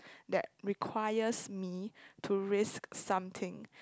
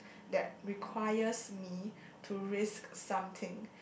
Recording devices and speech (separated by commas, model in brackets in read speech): close-talking microphone, boundary microphone, conversation in the same room